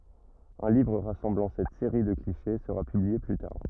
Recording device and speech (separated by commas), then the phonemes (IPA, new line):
rigid in-ear microphone, read sentence
œ̃ livʁ ʁasɑ̃blɑ̃ sɛt seʁi də kliʃe səʁa pyblie ply taʁ